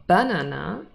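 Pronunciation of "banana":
'Banana' is pronounced incorrectly here, with the stress on the first syllable instead of the middle one.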